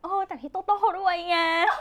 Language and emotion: Thai, happy